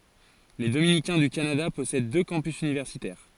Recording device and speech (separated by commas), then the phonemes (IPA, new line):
forehead accelerometer, read sentence
le dominikɛ̃ dy kanada pɔsɛd dø kɑ̃pys ynivɛʁsitɛʁ